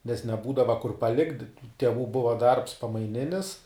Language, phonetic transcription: Lithuanian, nes neˈbūdava kur paˈlikt' teˈvų ˈbuva darbs pamaiˈninis

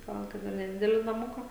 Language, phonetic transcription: Lithuanian, ˈgal ˈkad ir neˈdideli naˈmuka

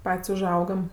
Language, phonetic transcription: Lithuanian, ˈpat's' uˈžaugam

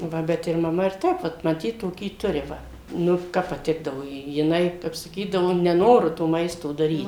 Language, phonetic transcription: Lithuanian, ˈva ˈbet ir maˈma ir ˈtep vat maˈtyt toˈkį ˈturi ˈva ˈnu ˈkap paˈtikdavo ˈji jiˈnai ˈkap saˈkydavo neˈnoru to ˈmaisto daˈryt

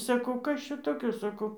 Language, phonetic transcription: Lithuanian, saˈkau ˈkas čia toˈkio saˈkau

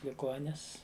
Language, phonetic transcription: Lithuanian, liˈgonis

